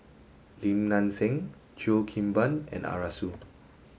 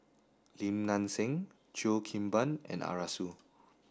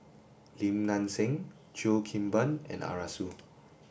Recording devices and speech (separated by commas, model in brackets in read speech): mobile phone (Samsung S8), standing microphone (AKG C214), boundary microphone (BM630), read sentence